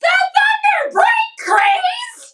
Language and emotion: English, disgusted